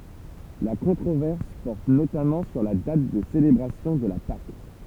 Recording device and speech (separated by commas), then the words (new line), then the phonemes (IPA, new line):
temple vibration pickup, read sentence
La controverse porte notamment sur la date de célébration de la Pâques.
la kɔ̃tʁovɛʁs pɔʁt notamɑ̃ syʁ la dat də selebʁasjɔ̃ də la pak